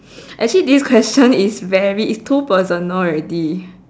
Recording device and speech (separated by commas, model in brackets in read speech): standing microphone, conversation in separate rooms